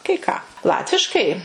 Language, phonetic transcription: Lithuanian, kai ˈką ˈlatviškai

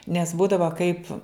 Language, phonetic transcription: Lithuanian, nes ˈbūdava kaip

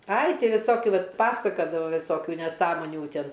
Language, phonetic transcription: Lithuanian, ai ˈti viˈsokiu ˈvat ˈpasakadava viˈsokiu neˈsąmonių ˈtin

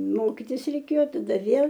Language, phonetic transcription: Lithuanian, ˈmokitis reiˈkėjo taˈda ˈvėl

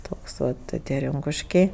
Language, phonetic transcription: Lithuanian, ˈtoks ˈva ti ˈtie ˈrinkuškiai

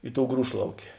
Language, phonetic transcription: Lithuanian, ˈi ˌtou ˈgrūšlaukė

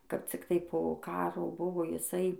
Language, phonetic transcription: Lithuanian, kap cikˈtai po ˈkaro ˈbuvo jiˈsai

